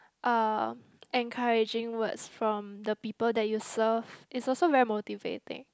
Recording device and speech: close-talking microphone, conversation in the same room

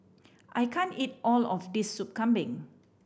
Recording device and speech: boundary microphone (BM630), read sentence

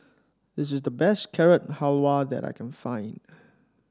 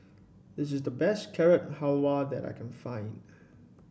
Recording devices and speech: standing microphone (AKG C214), boundary microphone (BM630), read sentence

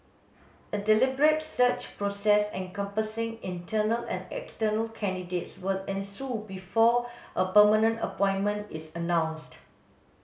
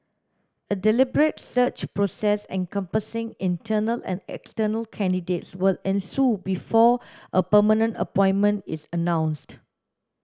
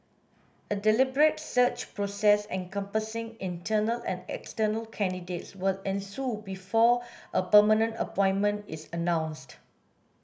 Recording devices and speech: mobile phone (Samsung S8), standing microphone (AKG C214), boundary microphone (BM630), read sentence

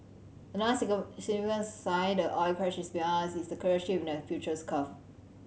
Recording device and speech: mobile phone (Samsung C7100), read sentence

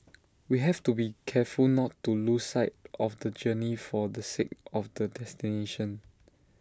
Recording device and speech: standing microphone (AKG C214), read sentence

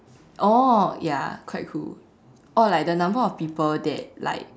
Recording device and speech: standing microphone, conversation in separate rooms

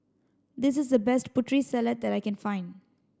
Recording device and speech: standing microphone (AKG C214), read sentence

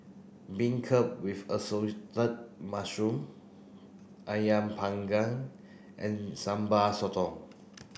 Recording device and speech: boundary microphone (BM630), read sentence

